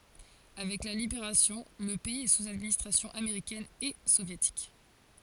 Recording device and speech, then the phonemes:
forehead accelerometer, read sentence
avɛk la libeʁasjɔ̃ lə pɛiz ɛ suz administʁasjɔ̃ ameʁikɛn e sovjetik

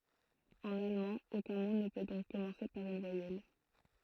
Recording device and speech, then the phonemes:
throat microphone, read sentence
ɑ̃n almɑ̃ okœ̃ mo nə pø dɔ̃k kɔmɑ̃se paʁ yn vwajɛl

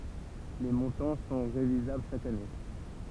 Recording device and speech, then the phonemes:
temple vibration pickup, read sentence
le mɔ̃tɑ̃ sɔ̃ ʁevizabl ʃak ane

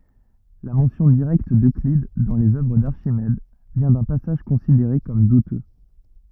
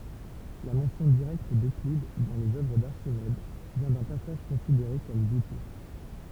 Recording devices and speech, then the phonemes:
rigid in-ear microphone, temple vibration pickup, read sentence
la mɑ̃sjɔ̃ diʁɛkt døklid dɑ̃ lez œvʁ daʁʃimɛd vjɛ̃ dœ̃ pasaʒ kɔ̃sideʁe kɔm dutø

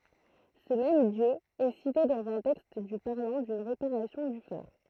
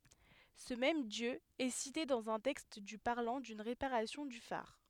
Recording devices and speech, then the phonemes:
throat microphone, headset microphone, read sentence
sə mɛm djø ɛ site dɑ̃z œ̃ tɛkst dy paʁlɑ̃ dyn ʁepaʁasjɔ̃ dy faʁ

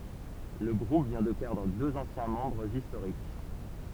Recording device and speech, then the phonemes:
temple vibration pickup, read sentence
lə ɡʁup vjɛ̃ də pɛʁdʁ døz ɑ̃sjɛ̃ mɑ̃bʁz istoʁik

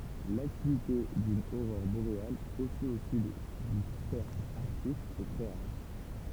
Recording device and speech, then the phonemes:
temple vibration pickup, read sentence
laktivite dyn oʁɔʁ boʁeal osi o syd dy sɛʁkl aʁtik ɛ tʁɛ ʁaʁ

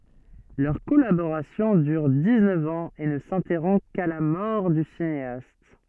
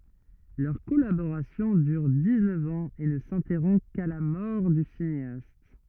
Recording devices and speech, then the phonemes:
soft in-ear microphone, rigid in-ear microphone, read sentence
lœʁ kɔlaboʁasjɔ̃ dyʁ diksnœf ɑ̃z e nə sɛ̃tɛʁɔ̃ ka la mɔʁ dy sineast

